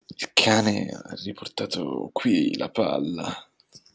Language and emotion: Italian, disgusted